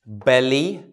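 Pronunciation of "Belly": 'Belly' is said with a dark L, not the R of 'berry'.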